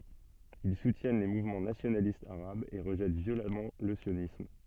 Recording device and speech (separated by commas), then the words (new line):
soft in-ear microphone, read sentence
Ils soutiennent les mouvements nationalistes arabes et rejettent violemment le sionisme.